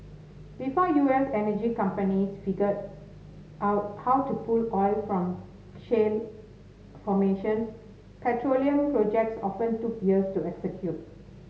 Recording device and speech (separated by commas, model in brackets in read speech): mobile phone (Samsung S8), read sentence